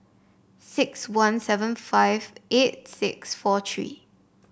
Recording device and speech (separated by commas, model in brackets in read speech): boundary microphone (BM630), read sentence